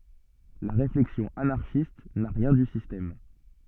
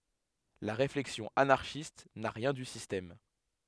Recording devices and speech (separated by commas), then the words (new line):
soft in-ear microphone, headset microphone, read sentence
La réflexion anarchiste n'a rien du système.